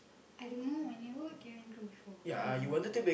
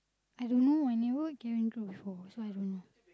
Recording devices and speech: boundary microphone, close-talking microphone, conversation in the same room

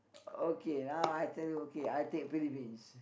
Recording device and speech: boundary microphone, conversation in the same room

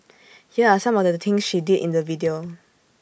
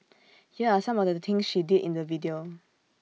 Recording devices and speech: boundary microphone (BM630), mobile phone (iPhone 6), read sentence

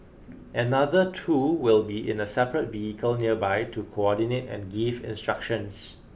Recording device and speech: boundary microphone (BM630), read sentence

